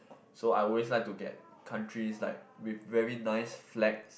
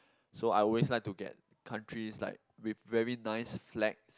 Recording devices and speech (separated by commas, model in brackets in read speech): boundary microphone, close-talking microphone, conversation in the same room